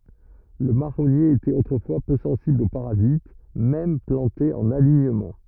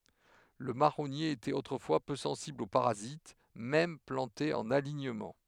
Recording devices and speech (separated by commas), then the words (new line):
rigid in-ear microphone, headset microphone, read sentence
Le marronnier était autrefois peu sensible aux parasites, même planté en alignement.